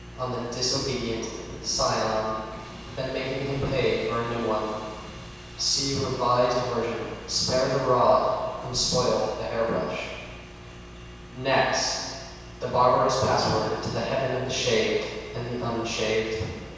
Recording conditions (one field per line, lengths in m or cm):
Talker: one person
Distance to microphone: 7.1 m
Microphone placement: far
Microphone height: 1.7 m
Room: very reverberant, large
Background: none